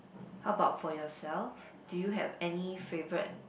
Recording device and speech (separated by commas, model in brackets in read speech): boundary microphone, conversation in the same room